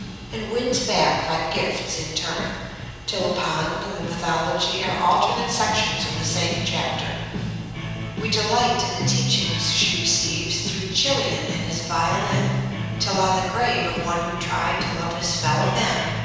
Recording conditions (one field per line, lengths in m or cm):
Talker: one person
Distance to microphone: 7.1 m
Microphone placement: far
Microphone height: 1.7 m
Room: very reverberant, large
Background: music